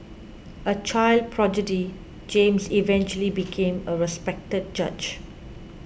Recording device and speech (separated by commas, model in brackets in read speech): boundary microphone (BM630), read sentence